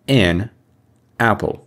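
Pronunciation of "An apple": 'An apple' is said as two separate words, not run together as one word.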